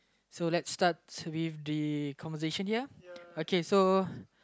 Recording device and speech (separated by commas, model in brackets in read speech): close-talking microphone, conversation in the same room